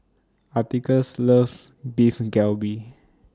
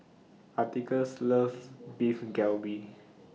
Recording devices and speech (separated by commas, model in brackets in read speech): standing microphone (AKG C214), mobile phone (iPhone 6), read sentence